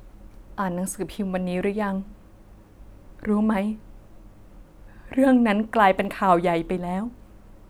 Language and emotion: Thai, sad